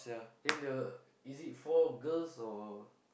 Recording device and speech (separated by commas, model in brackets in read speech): boundary microphone, conversation in the same room